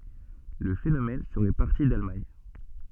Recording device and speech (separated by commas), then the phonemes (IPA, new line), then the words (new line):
soft in-ear microphone, read sentence
lə fenomɛn səʁɛ paʁti dalmaɲ
Le phénomène serait parti d’Allemagne.